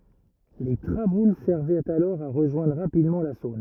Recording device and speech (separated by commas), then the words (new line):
rigid in-ear microphone, read sentence
Les traboules servaient alors à rejoindre rapidement la Saône.